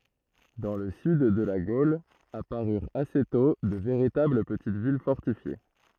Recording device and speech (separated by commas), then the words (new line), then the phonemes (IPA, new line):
throat microphone, read sentence
Dans le sud de la Gaule, apparurent assez tôt de véritables petites villes fortifiées.
dɑ̃ lə syd də la ɡol apaʁyʁt ase tɔ̃ də veʁitabl pətit vil fɔʁtifje